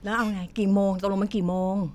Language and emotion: Thai, frustrated